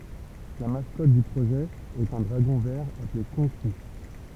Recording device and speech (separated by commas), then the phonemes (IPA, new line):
temple vibration pickup, read sentence
la maskɔt dy pʁoʒɛ ɛt œ̃ dʁaɡɔ̃ vɛʁ aple kɔ̃ki